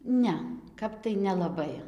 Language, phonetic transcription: Lithuanian, ˈne ˈkap tai nelaˈbai

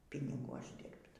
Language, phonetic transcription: Lithuanian, piniˈgų ˈaždirbt

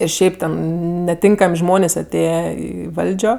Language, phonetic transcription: Lithuanian, ir ˈšiaip ten neˈtinkam' ˈžmonės' aˈtėje i ˈvaldžio

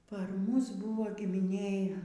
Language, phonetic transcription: Lithuanian, par ˈmus ˈbūvo gimiˈnėj

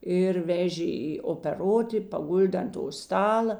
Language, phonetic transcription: Lithuanian, ir ˈvežė i opeˈroti paˈguldė ant to ˈstala

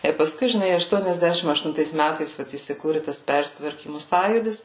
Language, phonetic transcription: Lithuanian, ir paˈskui žiˈnai aštuoniasˈdešim aštunˈtais ˈmætais ˈvat įsiˈkūri tas ˈpersitvarkymu ˈsąjūdis

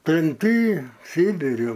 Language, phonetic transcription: Lithuanian, tremˈty ˈsybiri

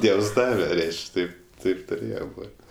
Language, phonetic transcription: Lithuanian, ˈdievs ˈdave ˈreiš'k' ˈtaip ˈtaip tuˈrėje ˈbot'

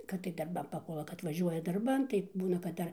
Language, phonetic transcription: Lithuanian, kad tai darˈbam paˈpuola kad vaˈžiuoja darˈban tai ˈbūna kad ˈdar

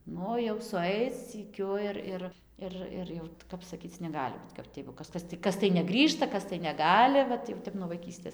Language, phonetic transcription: Lithuanian, ˈnu jau suˈaic syˈkiu ir ˈir ir ˈir jau ˈkap saˈkyc neˈgali but kap ˈti jeigu ˈkas ˈkas ti ˈkas tai neˈgrįžta ˈkas tai neˈgali ˈvat jau ˈtep nuo vaiˈkystės

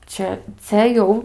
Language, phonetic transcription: Lithuanian, ˈčia cia ˈjau

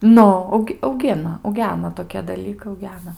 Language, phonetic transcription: Lithuanian, ˈnu ˈaug auˈgina auˈgena toˈkie daˈlykai auˈgena

